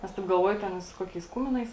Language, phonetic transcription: Lithuanian, ˈnes taip galˈvuoju ˈten i su ˈkokiais ˈkuminais

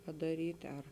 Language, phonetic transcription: Lithuanian, padaˈryt' ar

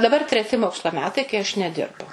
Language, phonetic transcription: Lithuanian, daˈbar treˈti ˈmokslo ˈmetai kai aš neˈdirbu

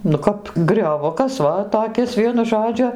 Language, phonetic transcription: Lithuanian, nu ˈkap grioˈvukas ˈva toˈkis ˈvienu ˈžodžiu

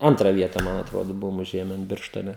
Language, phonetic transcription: Lithuanian, ˈantrą ˈvietą ˈman atˈrodo ˈbuvom uˈžėmen ˈbirštone

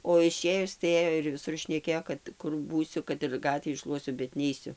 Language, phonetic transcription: Lithuanian, o iˈšėjus tai ˈėjo ir viˈsur šneˈkėjo kad ˈkur ˈbūsiu kad ir ˈgatvį ˈšluosiu bet ˈneisiu

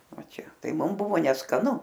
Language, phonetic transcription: Lithuanian, ˈva ˈčia ˈtai ˈmum ˈbuvo neskaˈnu

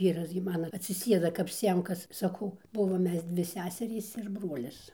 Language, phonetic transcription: Lithuanian, ˈvyras gi ˈmano atsiˈsėda kap ˈsiemkas saˈkau ˈbuvom ˈmes ˈdvi ˈseserys ir ˈbruolis

